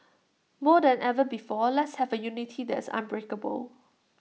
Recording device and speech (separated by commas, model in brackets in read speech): mobile phone (iPhone 6), read sentence